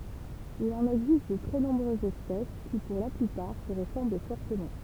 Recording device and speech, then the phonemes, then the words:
temple vibration pickup, read sentence
il ɑ̃n ɛɡzist də tʁɛ nɔ̃bʁøzz ɛspɛs ki puʁ la plypaʁ sə ʁəsɑ̃bl fɔʁtəmɑ̃
Il en existe de très nombreuses espèces, qui, pour la plupart, se ressemblent fortement.

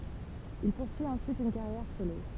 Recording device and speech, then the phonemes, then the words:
temple vibration pickup, read sentence
il puʁsyi ɑ̃syit yn kaʁjɛʁ solo
Il poursuit ensuite une carrière solo.

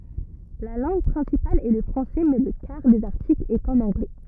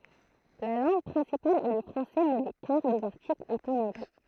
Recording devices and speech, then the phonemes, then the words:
rigid in-ear microphone, throat microphone, read sentence
la lɑ̃ɡ pʁɛ̃sipal ɛ lə fʁɑ̃sɛ mɛ lə kaʁ dez aʁtiklz ɛt ɑ̃n ɑ̃ɡlɛ
La langue principale est le français, mais le quart des articles est en anglais.

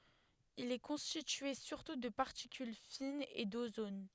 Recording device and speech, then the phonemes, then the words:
headset microphone, read sentence
il ɛ kɔ̃stitye syʁtu də paʁtikyl finz e dozon
Il est constitué surtout de particules fines et d'ozone.

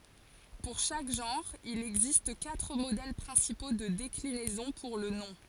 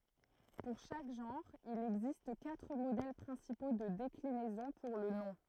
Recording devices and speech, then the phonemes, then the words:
forehead accelerometer, throat microphone, read sentence
puʁ ʃak ʒɑ̃ʁ il ɛɡzist katʁ modɛl pʁɛ̃sipo də deklinɛzɔ̃ puʁ lə nɔ̃
Pour chaque genre, il existe quatre modèles principaux de déclinaison pour le nom.

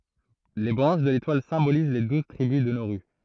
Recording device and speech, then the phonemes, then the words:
throat microphone, read sentence
le bʁɑ̃ʃ də letwal sɛ̃boliz le duz tʁibys də noʁy
Les branches de l'étoile symbolisent les douze tribus de Nauru.

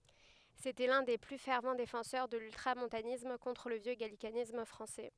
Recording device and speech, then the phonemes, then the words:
headset microphone, read sentence
setɛ lœ̃ de ply fɛʁv defɑ̃sœʁ də lyltʁamɔ̃tanism kɔ̃tʁ lə vjø ɡalikanism fʁɑ̃sɛ
C'était l'un des plus fervents défenseurs de l'ultramontanisme contre le vieux gallicanisme français.

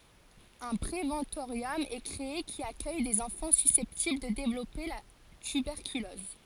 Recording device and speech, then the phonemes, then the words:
forehead accelerometer, read sentence
œ̃ pʁevɑ̃toʁjɔm ɛ kʁee ki akœj dez ɑ̃fɑ̃ sysɛptibl də devlɔpe la tybɛʁkylɔz
Un préventorium est créé, qui accueille des enfants susceptibles de développer la tuberculose.

